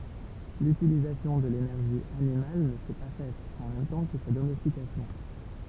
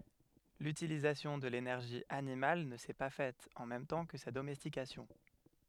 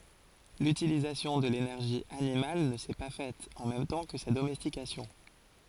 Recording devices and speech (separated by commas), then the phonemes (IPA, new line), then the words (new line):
temple vibration pickup, headset microphone, forehead accelerometer, read sentence
lytilizasjɔ̃ də lenɛʁʒi animal nə sɛ pa fɛt ɑ̃ mɛm tɑ̃ kə sa domɛstikasjɔ̃
L'utilisation de l'énergie animale ne s'est pas faite en même temps que sa domestication.